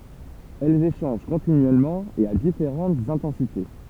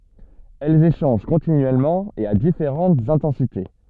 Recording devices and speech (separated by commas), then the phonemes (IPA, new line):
temple vibration pickup, soft in-ear microphone, read sentence
ɛlz eʃɑ̃ʒ kɔ̃tinyɛlmɑ̃ e a difeʁɑ̃tz ɛ̃tɑ̃site